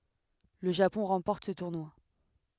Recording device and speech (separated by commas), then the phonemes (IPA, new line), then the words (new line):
headset microphone, read sentence
lə ʒapɔ̃ ʁɑ̃pɔʁt sə tuʁnwa
Le Japon remporte ce tournoi.